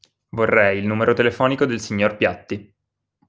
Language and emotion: Italian, neutral